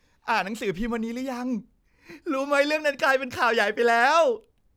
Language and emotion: Thai, happy